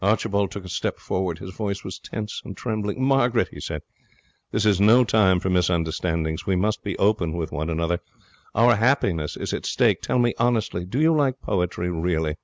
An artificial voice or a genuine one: genuine